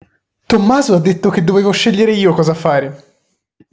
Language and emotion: Italian, happy